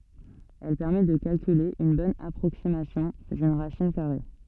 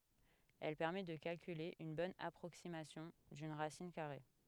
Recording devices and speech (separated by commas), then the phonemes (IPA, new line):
soft in-ear microphone, headset microphone, read sentence
ɛl pɛʁmɛ də kalkyle yn bɔn apʁoksimasjɔ̃ dyn ʁasin kaʁe